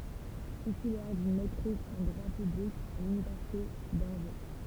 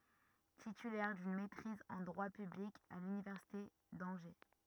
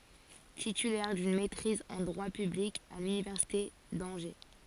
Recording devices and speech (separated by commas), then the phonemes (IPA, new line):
temple vibration pickup, rigid in-ear microphone, forehead accelerometer, read sentence
titylɛʁ dyn mɛtʁiz ɑ̃ dʁwa pyblik a lynivɛʁsite dɑ̃ʒe